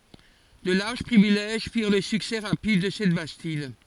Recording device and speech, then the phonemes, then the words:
forehead accelerometer, read sentence
də laʁʒ pʁivilɛʒ fiʁ lə syksɛ ʁapid də sɛt bastid
De larges privilèges firent le succès rapide de cette bastide.

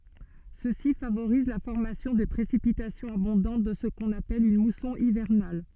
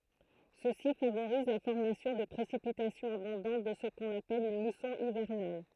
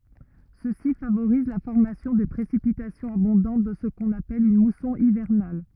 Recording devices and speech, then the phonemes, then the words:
soft in-ear microphone, throat microphone, rigid in-ear microphone, read sentence
səsi favoʁiz la fɔʁmasjɔ̃ də pʁesipitasjɔ̃z abɔ̃dɑ̃t dɑ̃ sə kɔ̃n apɛl yn musɔ̃ ivɛʁnal
Ceci favorise la formation de précipitations abondantes dans ce qu'on appelle une mousson hivernale.

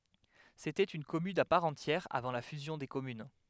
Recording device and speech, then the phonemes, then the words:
headset microphone, read sentence
setɛt yn kɔmyn a paʁ ɑ̃tjɛʁ avɑ̃ la fyzjɔ̃ de kɔmyn
C’était une commune à part entière avant la fusion des communes.

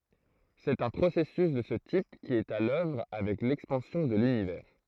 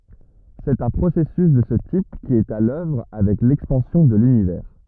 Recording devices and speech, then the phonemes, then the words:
throat microphone, rigid in-ear microphone, read sentence
sɛt œ̃ pʁosɛsys də sə tip ki ɛt a lœvʁ avɛk lɛkspɑ̃sjɔ̃ də lynivɛʁ
C'est un processus de ce type qui est à l'œuvre avec l'expansion de l'Univers.

